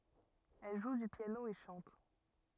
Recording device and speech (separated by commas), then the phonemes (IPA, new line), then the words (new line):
rigid in-ear microphone, read sentence
ɛl ʒu dy pjano e ʃɑ̃t
Elle joue du piano et chante.